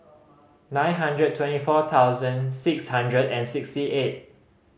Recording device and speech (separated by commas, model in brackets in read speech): mobile phone (Samsung C5010), read sentence